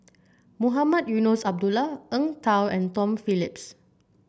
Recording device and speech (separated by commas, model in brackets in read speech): boundary microphone (BM630), read sentence